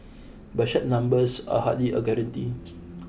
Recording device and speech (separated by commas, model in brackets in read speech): boundary microphone (BM630), read sentence